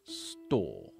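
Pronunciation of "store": The t in 'store' is a poppy flick, not heavy and voiced like the d in 'door'.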